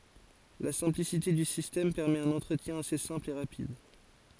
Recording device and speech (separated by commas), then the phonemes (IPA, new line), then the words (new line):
forehead accelerometer, read sentence
la sɛ̃plisite dy sistɛm pɛʁmɛt œ̃n ɑ̃tʁətjɛ̃ ase sɛ̃pl e ʁapid
La simplicité du système permet un entretien assez simple et rapide.